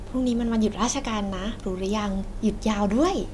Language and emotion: Thai, happy